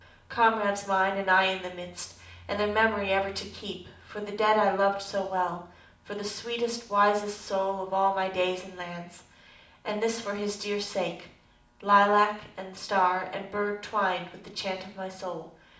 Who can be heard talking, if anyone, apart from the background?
One person.